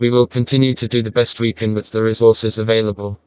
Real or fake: fake